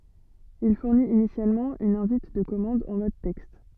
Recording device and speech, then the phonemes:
soft in-ear microphone, read sentence
il fuʁnit inisjalmɑ̃ yn ɛ̃vit də kɔmɑ̃d ɑ̃ mɔd tɛkst

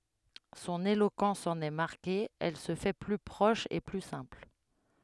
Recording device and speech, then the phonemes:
headset microphone, read sentence
sɔ̃n elokɑ̃s ɑ̃n ɛ maʁke ɛl sə fɛ ply pʁɔʃ e ply sɛ̃pl

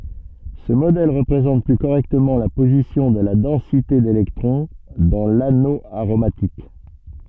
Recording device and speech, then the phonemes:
soft in-ear microphone, read sentence
sə modɛl ʁəpʁezɑ̃t ply koʁɛktəmɑ̃ la pozisjɔ̃ də la dɑ̃site delɛktʁɔ̃ dɑ̃ lano aʁomatik

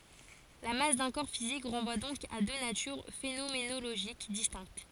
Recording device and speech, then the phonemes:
forehead accelerometer, read sentence
la mas dœ̃ kɔʁ fizik ʁɑ̃vwa dɔ̃k a dø natyʁ fenomenoloʒik distɛ̃kt

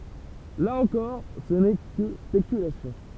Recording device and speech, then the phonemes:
temple vibration pickup, read sentence
la ɑ̃kɔʁ sə nɛ kə spekylasjɔ̃

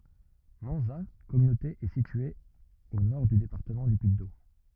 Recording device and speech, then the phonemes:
rigid in-ear microphone, read sentence
mɑ̃za kɔmynote ɛ sitye o nɔʁ dy depaʁtəmɑ̃ dy pyiddom

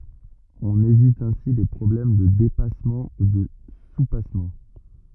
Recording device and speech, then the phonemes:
rigid in-ear microphone, read sentence
ɔ̃n evit ɛ̃si le pʁɔblɛm də depasmɑ̃ u də supasmɑ̃

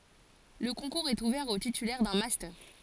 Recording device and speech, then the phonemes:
forehead accelerometer, read sentence
lə kɔ̃kuʁz ɛt uvɛʁ o titylɛʁ dœ̃ mastœʁ

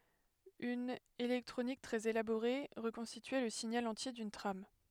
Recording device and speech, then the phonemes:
headset microphone, read sentence
yn elɛktʁonik tʁɛz elaboʁe ʁəkɔ̃stityɛ lə siɲal ɑ̃tje dyn tʁam

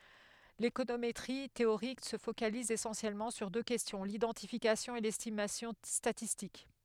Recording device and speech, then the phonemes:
headset microphone, read sentence
lekonometʁi teoʁik sə fokaliz esɑ̃sjɛlmɑ̃ syʁ dø kɛstjɔ̃ lidɑ̃tifikasjɔ̃ e lɛstimasjɔ̃ statistik

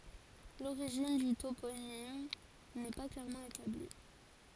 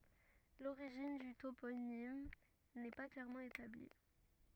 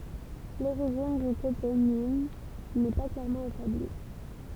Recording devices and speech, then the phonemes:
forehead accelerometer, rigid in-ear microphone, temple vibration pickup, read sentence
loʁiʒin dy toponim nɛ pa klɛʁmɑ̃ etabli

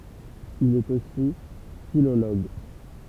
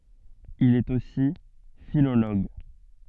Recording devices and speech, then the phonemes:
temple vibration pickup, soft in-ear microphone, read sentence
il ɛt osi filoloɡ

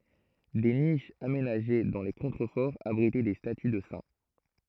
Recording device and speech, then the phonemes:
throat microphone, read sentence
de niʃz amenaʒe dɑ̃ le kɔ̃tʁəfɔʁz abʁitɛ de staty də sɛ̃

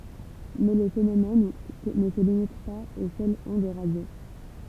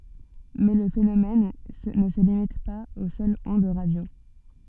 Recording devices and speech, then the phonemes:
temple vibration pickup, soft in-ear microphone, read sentence
mɛ lə fenomɛn nə sə limit paz o sœlz ɔ̃d ʁadjo

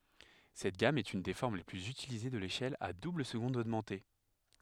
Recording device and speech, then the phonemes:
headset microphone, read sentence
sɛt ɡam ɛt yn de fɔʁm le plyz ytilize də leʃɛl a dubləzɡɔ̃d oɡmɑ̃te

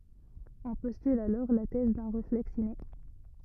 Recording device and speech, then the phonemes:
rigid in-ear microphone, read sentence
ɔ̃ pɔstyl alɔʁ la tɛz dœ̃ ʁeflɛks ine

